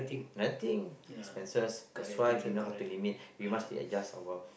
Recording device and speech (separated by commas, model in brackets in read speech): boundary microphone, conversation in the same room